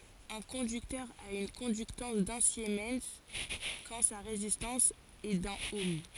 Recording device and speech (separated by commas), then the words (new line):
forehead accelerometer, read sentence
Un conducteur a une conductance d’un siemens quand sa résistance est d'un ohm.